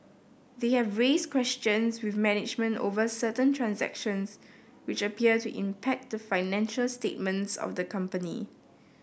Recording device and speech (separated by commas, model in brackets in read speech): boundary microphone (BM630), read sentence